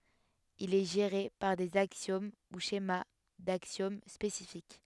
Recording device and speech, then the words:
headset microphone, read sentence
Il est géré par des axiomes ou schémas d'axiomes spécifiques.

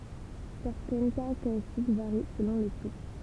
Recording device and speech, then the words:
temple vibration pickup, read sentence
Certaines caractéristiques varient selon le type.

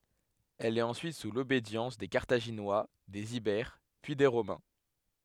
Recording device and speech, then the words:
headset microphone, read sentence
Elle est ensuite sous l'obédience des Carthaginois, des Ibères, puis des Romains.

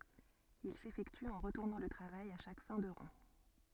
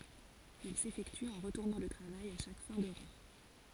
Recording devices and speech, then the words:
soft in-ear microphone, forehead accelerometer, read sentence
Il s'effectue en retournant le travail à chaque fin de rang.

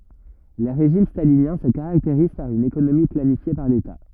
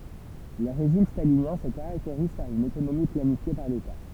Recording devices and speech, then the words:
rigid in-ear microphone, temple vibration pickup, read sentence
Les régimes staliniens se caractérisent par une économie planifiée par l'État.

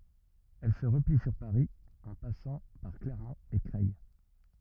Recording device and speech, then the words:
rigid in-ear microphone, read sentence
Elle se replie sur Paris en passant par Clermont et Creil.

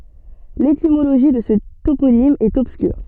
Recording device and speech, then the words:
soft in-ear microphone, read sentence
L'étymologie de ce toponyme est obscure.

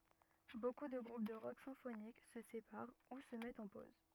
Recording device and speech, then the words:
rigid in-ear microphone, read sentence
Beaucoup de groupes de rock symphonique se séparent ou se mettent en pause.

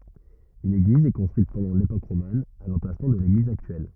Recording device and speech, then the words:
rigid in-ear microphone, read sentence
Une église est construite pendant l'époque romane, à l'emplacement de l'église actuelle.

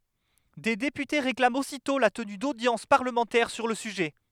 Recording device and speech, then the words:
headset microphone, read sentence
Des députés réclament aussitôt la tenue d’audiences parlementaires sur le sujet.

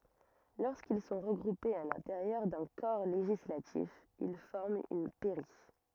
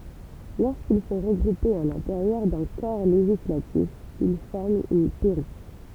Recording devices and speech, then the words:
rigid in-ear microphone, temple vibration pickup, read sentence
Lorsqu'ils sont regroupés à l'intérieur d'un corps législatif, ils forment une pairie.

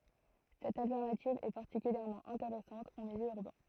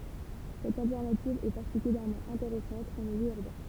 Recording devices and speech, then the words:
throat microphone, temple vibration pickup, read sentence
Cette alternative est particulièrement intéressante en milieu urbain.

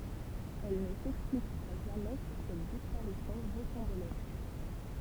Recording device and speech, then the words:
temple vibration pickup, read sentence
Elle ne s'expliquera jamais sur cette disparition rocambolesque.

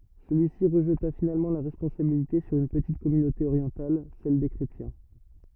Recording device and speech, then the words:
rigid in-ear microphone, read sentence
Celui-ci rejeta finalement la responsabilité sur une petite communauté orientale, celle des chrétiens.

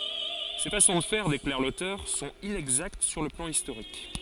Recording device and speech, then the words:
forehead accelerometer, read sentence
Ces façons de faire, déclare l'auteur, sont inexactes sur le plan historique.

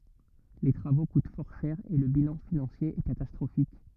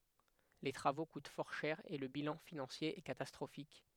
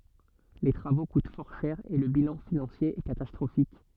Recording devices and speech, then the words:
rigid in-ear microphone, headset microphone, soft in-ear microphone, read sentence
Les travaux coûtent fort cher et le bilan financier est catastrophique.

